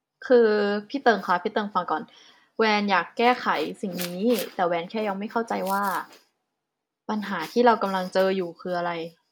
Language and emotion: Thai, neutral